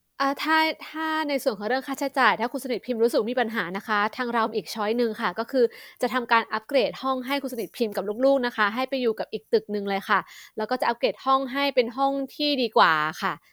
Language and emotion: Thai, neutral